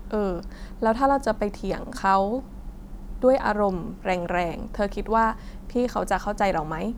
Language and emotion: Thai, neutral